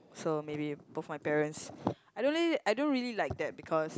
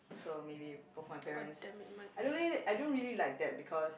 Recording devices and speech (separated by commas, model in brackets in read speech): close-talking microphone, boundary microphone, conversation in the same room